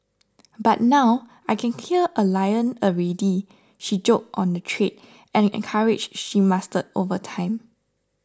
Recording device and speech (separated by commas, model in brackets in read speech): standing microphone (AKG C214), read sentence